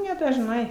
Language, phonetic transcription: Lithuanian, nedažˈnai

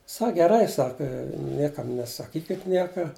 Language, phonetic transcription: Lithuanian, ˈsak geˈrai ˈsaka ˈniekam nesaˈkykit ˈnieka

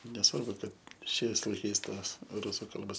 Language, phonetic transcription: Lithuanian, neˈsvarbu ˈkad ˈšiais laiˈkais ˈtos ˈrusu ˈkalbos

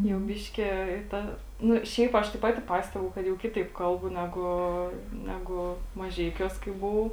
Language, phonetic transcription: Lithuanian, jau ˈbiške i ˈta ˈnu ˈšiaip ˈaš tai ˈpati ˈpastebu kad jau ˈkitaip ˈkalbu ˈnegu ˈnegu maˈžeikiuos kai buˈvau

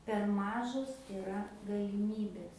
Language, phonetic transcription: Lithuanian, per ˈmažos iˈra galiˈmybės

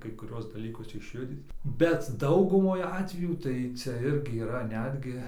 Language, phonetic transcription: Lithuanian, kai kuˈriuos daˈlykus išˈjudyt bet ˈdaugumoj ˈatvejų tai ˈcia ˈirgi yˈra ˈnetgi

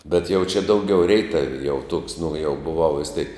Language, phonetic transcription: Lithuanian, bet jau čia ˈdauˌgiau ˈreitavi jau tuoks nu jau buˈvau vis tėk

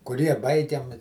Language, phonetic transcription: Lithuanian, kuˈrie ˈbaigiam

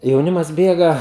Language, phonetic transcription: Lithuanian, jauˈnimas ˈbėga

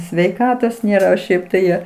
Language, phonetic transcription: Lithuanian, sveiˈkatos ˈnėra o ˈšiaip tai ˈjo

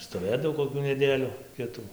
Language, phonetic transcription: Lithuanian, stoˈvėdav koˈkių neˈdėliu ˈkitų

